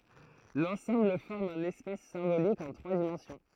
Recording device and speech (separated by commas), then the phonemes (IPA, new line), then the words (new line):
throat microphone, read sentence
lɑ̃sɑ̃bl fɔʁm œ̃n ɛspas sɛ̃bolik ɑ̃ tʁwa dimɑ̃sjɔ̃
L'ensemble forme un espace symbolique en trois dimensions.